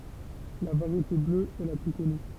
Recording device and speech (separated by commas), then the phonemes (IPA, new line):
temple vibration pickup, read sentence
la vaʁjete blø ɛ la ply kɔny